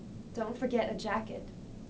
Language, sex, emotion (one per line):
English
female
neutral